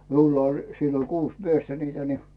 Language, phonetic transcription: Finnish, 'miulla oĺ sillo "kuus 'miestä niitä ni .
- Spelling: minulla oli silloin kuusi miestä niitä niin

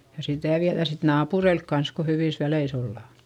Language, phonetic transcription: Finnish, ja sitä̀ viäδä sit naapureilk kans ko hyvìs väleis ‿ollà .
- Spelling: ja sitä viedään sitten naapureille kanssa kun hyvissä väleissä ollaan

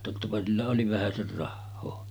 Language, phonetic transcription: Finnish, tottapa sillä oli 'vähäser 'rahhoo .
- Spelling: tottapa sillä oli vähäsen rahaa

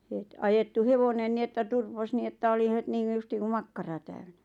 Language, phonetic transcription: Finnish, het , 'ajettu ''hevonen ni että 'turpos ni että oli 'het niiŋɢu justiiŋ ku "makkara täyɴᴀ̈ .
- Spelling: heti ajettui hevonen niin että turposi niin että oli heti niin kuin justiin kuin makkara täynnä

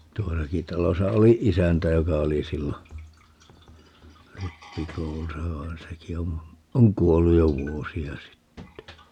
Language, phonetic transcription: Finnish, 'tuosaki 'talosa 'oli "isäntä 'joka 'oli 'sillo , "rippikoulusa vaen 'seki om , 'oŋ "kuolluj jo "vuosi₍a 'sitte .
- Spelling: tuossakin talossa oli isäntä joka oli silloin rippikoulussa vaan sekin on on kuollut jo vuosia sitten

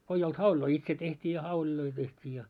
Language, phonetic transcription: Finnish, ko ei olt 'hauĺiloi "itse teht́ii ja 'hauĺiloi teht́ii ja .
- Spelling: kun ei ollut hauleja itse tehtiin ja hauleja tehtiin ja

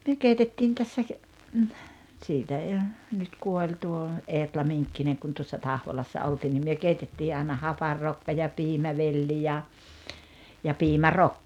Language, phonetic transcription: Finnish, 'myö keitettiin tässä , 'siitä ei o , nyt 'kuoĺ tuo , 'Eetla 'Miŋkkineŋ kun tuossa "Tahvolassa ’oltiin nim myö 'keitettii ai̬na "haparrokka ja "piimävelli ja , ja 'piimä"rokka .
- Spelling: me keitettiin tässä siitä ei ole nyt kuoli tuo Eetla Minkkinen kun tuossa Tahvolassa oltiin niin me keitettiin aina hapanrokkaa ja piimävelli ja ja piimärokka

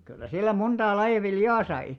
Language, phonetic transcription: Finnish, kyllä 'sillä 'monᴅaa 'laiʲa "viljaa sai .
- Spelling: kyllä sillä montaa lajia viljaa sai

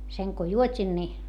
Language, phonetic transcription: Finnish, seŋ ko juot́in ni ,.
- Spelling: sen kun juotin niin

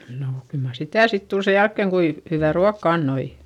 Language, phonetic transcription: Finnish, nò kyl mar sitä̀ sit tul se jälkkeŋ kui , hyvä̀ ruakka annoi .
- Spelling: no kyllä mar sitä sitten tuli sen jälkeen kuinka hyvää ruokaa antoi

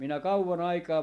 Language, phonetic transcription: Finnish, 'minä "kauwa'n ‿aikaa ,.
- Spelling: minä kauan aikaa

